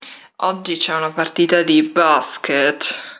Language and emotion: Italian, disgusted